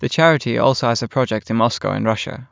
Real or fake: real